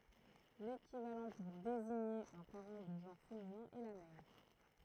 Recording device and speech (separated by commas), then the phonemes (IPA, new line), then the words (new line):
throat microphone, read sentence
lekivalɑ̃ puʁ deziɲe œ̃ paʁɑ̃ də ʒɑ̃ʁ feminɛ̃ ɛ la mɛʁ
L'équivalent pour désigner un parent de genre féminin est la mère.